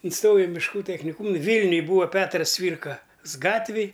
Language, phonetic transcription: Lithuanian, inˈstojau i mišˈkų techniˈkūm ˈvylniuj ˈbūva ˈpetras ˈcvyrkas ˈgatvėj

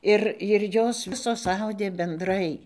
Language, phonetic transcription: Lithuanian, ˈir ir ˈjos ˈvisos ˈaudė benˈdrai

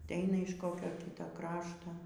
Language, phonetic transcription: Lithuanian, atˈeina iš ˈkokio ˈkyto ˈkrašto

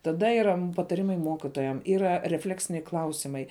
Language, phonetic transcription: Lithuanian, taˈda yˈra pataˈrimai ˈmokitojam ˈyra reˈfleksiniai ˈklausimai

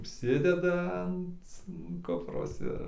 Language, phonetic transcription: Lithuanian, užˈsideda ant ˈkupros ˈir

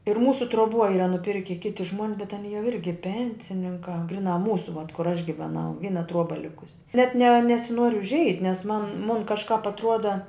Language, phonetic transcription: Lithuanian, ir ˈmūsu truoˈbuo ˈyra nuˈpirki ˈkiti žmuon's bet aˈny jau ˈirgi ˈpensininkā ˈgriˌnā ˈmūsu vat kur aš giveˈnau ˈvyna ˈtruoba ˈlikusi net ne nesiˈnuor užˈeit' nes man mun kažˈkāp atˈruoda

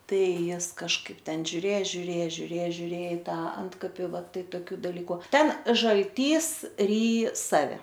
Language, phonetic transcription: Lithuanian, ˈtai ˈjis kažˈkaip ˈten žiuˈrė žiuˈrė žiuˈrė žiuˈrė i ˈta ˈantkapi va ˈtai toˈkių daˈlyku ˈten žalˈtys ˈryj ˈsave

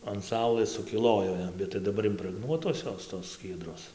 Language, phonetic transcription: Lithuanian, an ˈsaulɘs sukiˈlojo ˈjam bet tai daˈbar imprəgˈnuotos ˈjos tos ˈskiedros

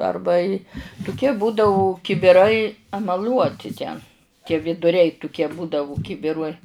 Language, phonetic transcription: Lithuanian, ˈarba i tuˈkie ˈbūdau kibiˈrai emaˈliuoti ten tie viduˈriai tuˈkie ˈbūdavu ˈkibiruoj

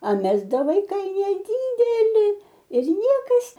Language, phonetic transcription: Lithuanian, a ˈmes ˈda vaiˈkai neˈdydeli ir ˈniekas

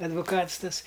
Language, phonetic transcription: Lithuanian, advuˈkats ˈtas

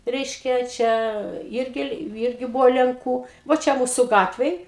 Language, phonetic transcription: Lithuanian, ˈreiškia ˈčia ˈirgi ˈirgi ˈbuvo lenˈkų vo ˈčia ˈmūsu ˈgatvėj

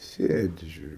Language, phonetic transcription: Lithuanian, ˈsėdi žiuˈriu

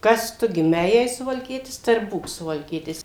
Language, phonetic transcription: Lithuanian, ˈkas ˈtu giˈmei jei suvalˈkietis tai ir ˈbūk suvalˈkietis

